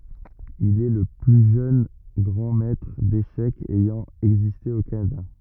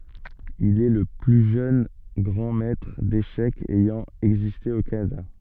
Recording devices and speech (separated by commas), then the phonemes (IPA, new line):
rigid in-ear microphone, soft in-ear microphone, read sentence
il ɛ lə ply ʒøn ɡʁɑ̃ mɛtʁ deʃɛkz ɛjɑ̃ ɛɡziste o kanada